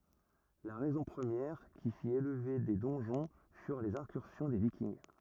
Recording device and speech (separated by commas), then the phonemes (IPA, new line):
rigid in-ear microphone, read sentence
la ʁɛzɔ̃ pʁəmjɛʁ ki fit elve de dɔ̃ʒɔ̃ fyʁ lez ɛ̃kyʁsjɔ̃ de vikinɡ